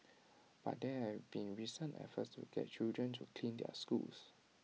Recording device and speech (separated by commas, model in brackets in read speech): mobile phone (iPhone 6), read sentence